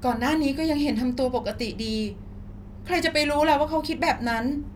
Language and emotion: Thai, sad